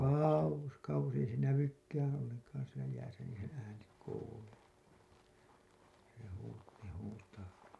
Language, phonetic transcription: Finnish, kàuwos 'kauwos ei se "nävykkäää̰ 'olleŋkaan̬ sielä jääsä niin̬ seḛ ääni kuuluu , se huu- , se huutaa .
- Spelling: kauas kauas ei se näykään ollenkaan siellä jäässä niin se ääni kuuluu se - se huutaa

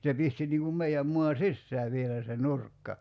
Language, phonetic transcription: Finnish, se 'pisti niŋ kum 'mei₍äm 'mua "sissää vielä se "nurkka .
- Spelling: se pisti niin kuin meidän maan sisään vielä se nurkka

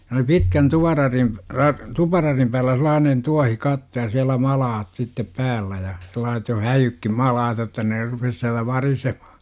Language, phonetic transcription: Finnish, se oli "pitkän 'tuvararim , ra- , 'tupararim päällä sel̆laanen "tuahikatto ja siälä 'malaat sittep 'päällä ja , sel̆laaset jo "häjykkim 'malaat jotta ne rupes siälä 'variseMA- .
- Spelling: se oli pitkän tuvanradin - tuparadin päällä sellainen tuohikatto ja siellä malat sitten päällä ja sellaiset jo häijytkin malat jotta ne rupesi siellä varisemaan

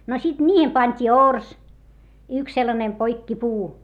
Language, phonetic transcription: Finnish, no sit ńiihem pańt́ii ors , yks sellanem poikkipuu .
- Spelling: no sitten niihin pantiin orsi yksi sellainen poikkipuu

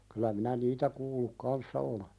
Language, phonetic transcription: Finnish, kylä minä "niitä kuulluk 'kanssa ole .
- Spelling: kyllä minä niitä kuullut kanssa olen

